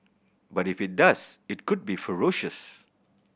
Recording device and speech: boundary microphone (BM630), read sentence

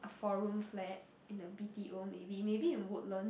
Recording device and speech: boundary microphone, conversation in the same room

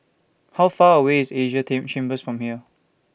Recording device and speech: boundary microphone (BM630), read sentence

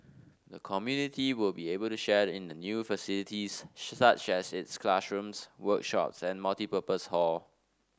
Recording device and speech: standing microphone (AKG C214), read sentence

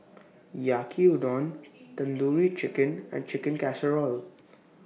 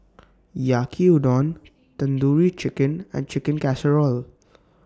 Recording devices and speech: mobile phone (iPhone 6), standing microphone (AKG C214), read sentence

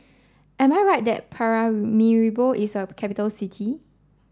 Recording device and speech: standing microphone (AKG C214), read sentence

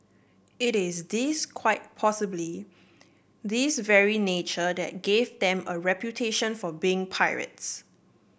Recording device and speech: boundary microphone (BM630), read sentence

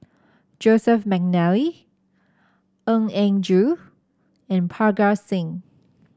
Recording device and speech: standing microphone (AKG C214), read sentence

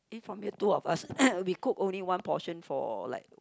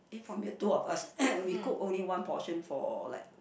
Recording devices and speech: close-talking microphone, boundary microphone, conversation in the same room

